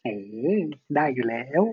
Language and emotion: Thai, happy